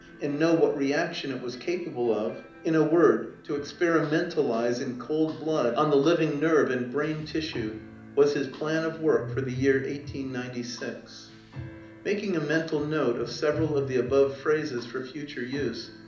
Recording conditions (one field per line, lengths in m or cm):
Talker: one person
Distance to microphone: 2.0 m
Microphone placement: close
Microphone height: 99 cm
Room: medium-sized (5.7 m by 4.0 m)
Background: music